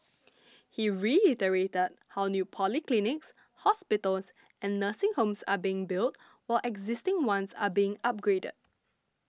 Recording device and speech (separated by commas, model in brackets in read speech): standing microphone (AKG C214), read sentence